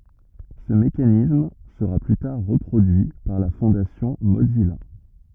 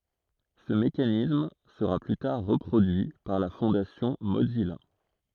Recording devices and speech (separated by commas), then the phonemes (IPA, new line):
rigid in-ear microphone, throat microphone, read sentence
sə mekanism səʁa ply taʁ ʁəpʁodyi paʁ la fɔ̃dasjɔ̃ mozija